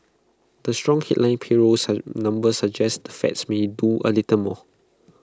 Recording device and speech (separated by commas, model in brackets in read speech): close-talking microphone (WH20), read sentence